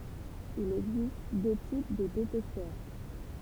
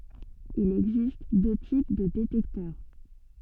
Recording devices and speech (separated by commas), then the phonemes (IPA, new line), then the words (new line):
temple vibration pickup, soft in-ear microphone, read sentence
il ɛɡzist dø tip də detɛktœʁ
Il existe deux types de détecteur.